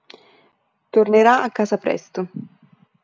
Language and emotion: Italian, neutral